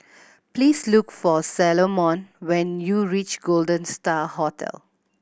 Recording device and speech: boundary microphone (BM630), read sentence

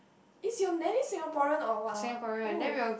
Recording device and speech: boundary microphone, conversation in the same room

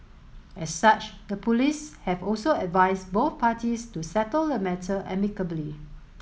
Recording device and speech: mobile phone (Samsung S8), read sentence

